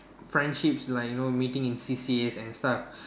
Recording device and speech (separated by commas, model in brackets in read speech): standing microphone, conversation in separate rooms